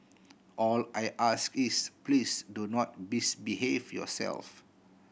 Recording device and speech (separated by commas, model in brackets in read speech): boundary microphone (BM630), read sentence